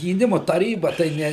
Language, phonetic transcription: Lithuanian, gyˈnimu taˈryba tai ˈne

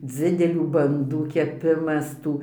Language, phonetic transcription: Lithuanian, ˈdzidelių banˈdų keˈpimas ˈtų

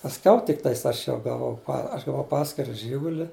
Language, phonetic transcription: Lithuanian, pasˈkiau tikˈtais ˈaš ˈjau gaˈvau aš gaˈvau ˈpaskira ˈžyguli

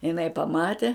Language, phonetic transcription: Lithuanian, iˈnai paˈmate

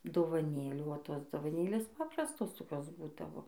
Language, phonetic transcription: Lithuanian, dovaˈnėlių o ˈtos dovaˈnėlės ˈpaprastos toˈkios ˈbūdavo

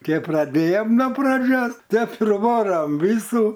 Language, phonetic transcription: Lithuanian, ˈkep praˈdėjom no praˈdžios ˈtep ir ˈvoram ˈvysų

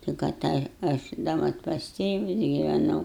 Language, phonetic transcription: Lithuanian, tik aˈtaja aš da ˈmat pas ˈtėvus giveˈnau

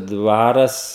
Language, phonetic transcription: Lithuanian, ˈdvaras

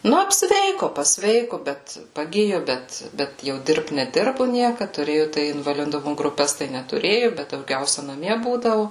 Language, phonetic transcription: Lithuanian, ˈnu apsˈveiku pasˈveiku bet paˈgiju ˈbet ˈbet jau ˈdirbt neˈdirbu ˈniekad tuˈrėju tai invaliˈdumu gruˈpes tai netuˈrėju bet dauˈgiausia naˈmie ˈbūdavu

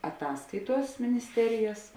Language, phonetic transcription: Lithuanian, aˈtaskaiˌtuos minisˈterijas

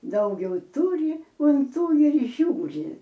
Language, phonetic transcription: Lithuanian, ˈdaugiau ˈtūri un ˈtų ir ˈžiūri

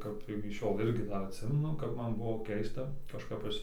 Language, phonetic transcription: Lithuanian, ˈkap iki ˈšiol ˈirgi ˈdar atˈsimenu ˈkap ˈman ˈbuvo ˈkeista kažˈkap ˈaš

